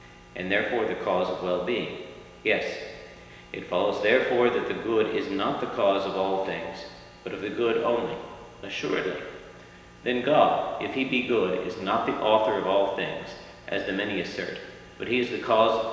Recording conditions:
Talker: one person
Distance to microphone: 1.7 m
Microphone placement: close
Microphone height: 1.0 m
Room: very reverberant, large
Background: none

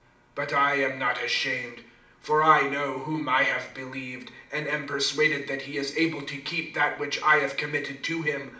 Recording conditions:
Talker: one person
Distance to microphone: 2.0 m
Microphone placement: close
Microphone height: 99 cm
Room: medium-sized (5.7 m by 4.0 m)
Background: none

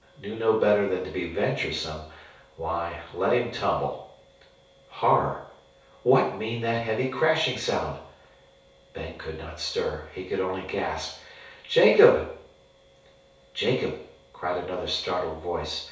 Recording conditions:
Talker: one person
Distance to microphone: 3.0 m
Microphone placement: far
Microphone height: 1.8 m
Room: small (3.7 m by 2.7 m)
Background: none

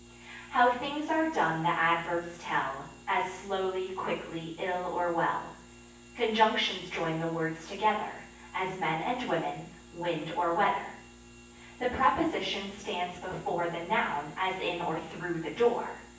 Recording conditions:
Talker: one person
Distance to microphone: 9.8 m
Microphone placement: far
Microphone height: 1.8 m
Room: large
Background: none

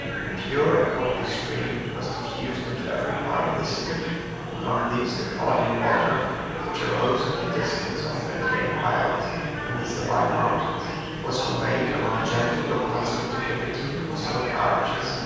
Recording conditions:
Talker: one person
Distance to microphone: 7.1 m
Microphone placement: far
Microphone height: 1.7 m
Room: very reverberant, large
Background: babble

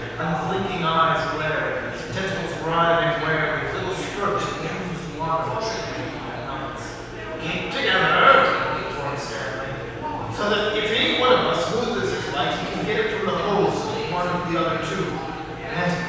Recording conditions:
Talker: one person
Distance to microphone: 7.1 m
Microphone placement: far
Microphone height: 1.7 m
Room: very reverberant, large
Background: babble

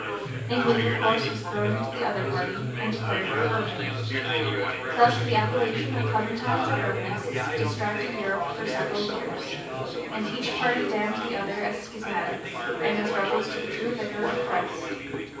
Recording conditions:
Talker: one person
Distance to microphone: 9.8 m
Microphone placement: far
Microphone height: 1.8 m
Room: large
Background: babble

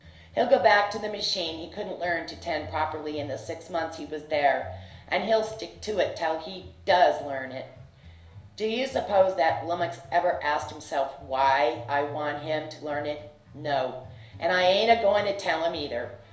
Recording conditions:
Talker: one person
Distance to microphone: 1.0 m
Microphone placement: close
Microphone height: 1.1 m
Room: small (3.7 m by 2.7 m)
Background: music

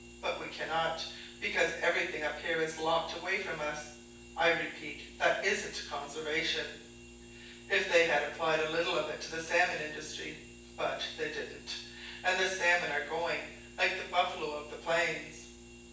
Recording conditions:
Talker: one person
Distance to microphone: 9.8 m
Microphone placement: far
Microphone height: 1.8 m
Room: large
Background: none

